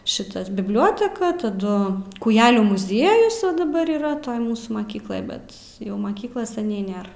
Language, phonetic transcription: Lithuanian, ˈšitas bibˈlioteka taˈdu kūˈjelių muˈziejus ˈva daˈbar yˈra ˈtoj ˈmūsų maˈkykloj ˈbet ˈjau ˈmakyklas seˈniai ˈnėr

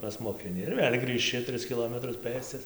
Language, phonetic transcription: Lithuanian, pasmokiˈni ir ˈvėl' grįžˈči ˈtris kiˈlometrus ˈpɘscas

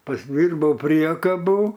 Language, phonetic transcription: Lithuanian, pasˈdyrbau ˈpriekabų

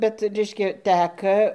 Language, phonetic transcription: Lithuanian, ˈbet ˈreiškia ˈtæka

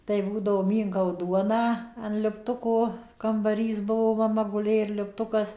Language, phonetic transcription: Lithuanian, tai ˈbūdavo ˈmynkau ˈduoną an liupˈtuko kambaˈrys ˈbuvo maˈma guˈlė ir liupˈtukas

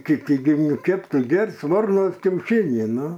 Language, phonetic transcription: Lithuanian, kiˈti gi ˈkėp ˈtu ˈger's' ˈvarnos kiauˈšinį ˈnu

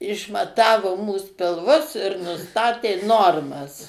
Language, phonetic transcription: Lithuanian, išmaˈtavo mūs pilˈvus ir nuˈstatė ˈnormas

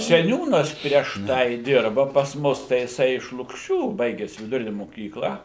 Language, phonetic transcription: Lithuanian, seˈniūnas prieš ˈtai ˈdirba pas ˈmus tai jiˈsai iš lukˈšių ˈbaiges viduˈrine moˈkykla

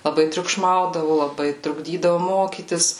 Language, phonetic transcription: Lithuanian, laˈbai triukˈšmaudavo laˈbai trukˈdydavo ˈmokytis

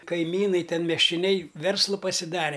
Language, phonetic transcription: Lithuanian, kaiˈmynai ˈten miesčioˈnei ˈverslu pasiˈdare

